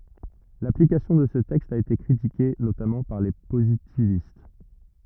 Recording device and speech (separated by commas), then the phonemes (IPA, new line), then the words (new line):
rigid in-ear microphone, read sentence
laplikasjɔ̃ də sə tɛkst a ete kʁitike notamɑ̃ paʁ le pozitivist
L'application de ce texte a été critiquée, notamment par les positivistes.